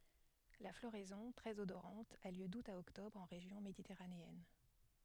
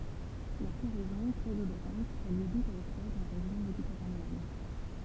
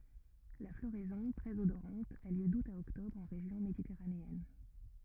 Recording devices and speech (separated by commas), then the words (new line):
headset microphone, temple vibration pickup, rigid in-ear microphone, read sentence
La floraison, très odorante, a lieu d’août à octobre en région méditerranéenne.